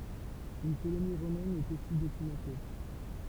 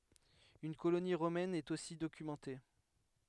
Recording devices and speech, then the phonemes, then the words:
temple vibration pickup, headset microphone, read sentence
yn koloni ʁomɛn ɛt osi dokymɑ̃te
Une colonie romaine est aussi documentée.

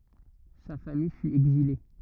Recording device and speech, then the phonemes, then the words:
rigid in-ear microphone, read sentence
sa famij fy ɛɡzile
Sa famille fut exilée.

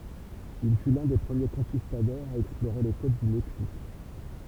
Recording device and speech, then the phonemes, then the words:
temple vibration pickup, read sentence
il fy lœ̃ de pʁəmje kɔ̃kistadɔʁz a ɛksploʁe le kot dy mɛksik
Il fut l'un des premiers Conquistadors à explorer les côtes du Mexique.

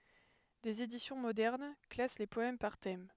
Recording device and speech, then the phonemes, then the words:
headset microphone, read sentence
dez edisjɔ̃ modɛʁn klas le pɔɛm paʁ tɛm
Des éditions modernes classent les poèmes par thèmes.

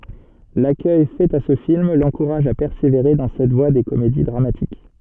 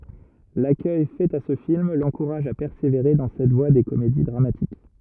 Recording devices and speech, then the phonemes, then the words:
soft in-ear microphone, rigid in-ear microphone, read sentence
lakœj fɛt a sə film lɑ̃kuʁaʒ a pɛʁseveʁe dɑ̃ sɛt vwa de komedi dʁamatik
L'accueil fait à ce film l'encourage à persévérer dans cette voie des comédies dramatiques.

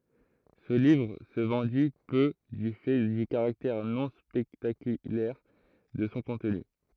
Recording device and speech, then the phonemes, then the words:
throat microphone, read sentence
sə livʁ sə vɑ̃di pø dy fɛ dy kaʁaktɛʁ nɔ̃ spɛktakylɛʁ də sɔ̃ kɔ̃tny
Ce livre se vendit peu du fait du caractère non spectaculaire de son contenu.

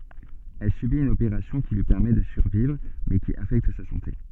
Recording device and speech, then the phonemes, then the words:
soft in-ear microphone, read sentence
ɛl sybit yn opeʁasjɔ̃ ki lyi pɛʁmɛ də syʁvivʁ mɛ ki afɛkt sa sɑ̃te
Elle subit une opération qui lui permet de survivre mais qui affecte sa santé.

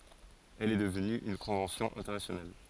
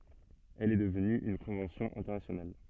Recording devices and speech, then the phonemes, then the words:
forehead accelerometer, soft in-ear microphone, read sentence
ɛl ɛ dəvny yn kɔ̃vɑ̃sjɔ̃ ɛ̃tɛʁnasjonal
Elle est devenue une convention internationale.

